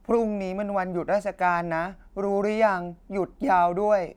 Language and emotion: Thai, frustrated